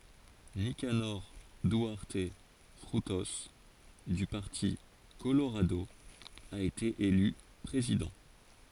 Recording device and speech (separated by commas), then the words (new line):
forehead accelerometer, read sentence
Nicanor Duarte Frutos, du parti Colorado, a été élu président.